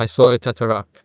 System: TTS, neural waveform model